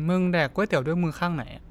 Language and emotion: Thai, neutral